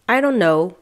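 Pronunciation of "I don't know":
'I don't know' is said in an indifferent tone.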